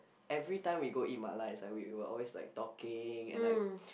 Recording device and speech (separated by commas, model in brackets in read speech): boundary microphone, conversation in the same room